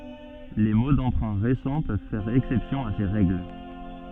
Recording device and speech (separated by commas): soft in-ear microphone, read sentence